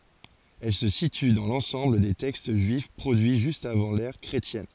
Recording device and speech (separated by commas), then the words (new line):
forehead accelerometer, read sentence
Elle se situe dans l'ensemble des textes juifs produits juste avant l'ère chrétienne.